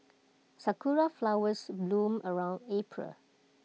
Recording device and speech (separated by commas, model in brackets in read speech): mobile phone (iPhone 6), read sentence